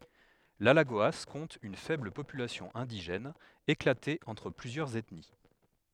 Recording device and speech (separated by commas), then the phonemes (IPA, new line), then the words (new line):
headset microphone, read sentence
lalaɡoa kɔ̃t yn fɛbl popylasjɔ̃ ɛ̃diʒɛn eklate ɑ̃tʁ plyzjœʁz ɛtni
L’Alagoas compte une faible population indigène, éclatée entre plusieurs ethnies.